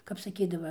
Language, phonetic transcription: Lithuanian, kap saˈkydava

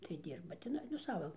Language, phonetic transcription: Lithuanian, tai ˈdyrba tiˈnai nu ˈsava

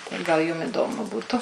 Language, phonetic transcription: Lithuanian, tai gal ˈjum iˈdomu ˈbūtu

